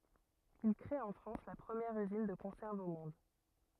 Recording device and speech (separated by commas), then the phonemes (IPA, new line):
rigid in-ear microphone, read sentence
il kʁe ɑ̃ fʁɑ̃s la pʁəmjɛʁ yzin də kɔ̃sɛʁvz o mɔ̃d